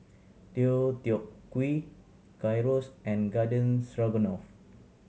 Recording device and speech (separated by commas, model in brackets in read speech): mobile phone (Samsung C7100), read sentence